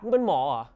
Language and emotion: Thai, angry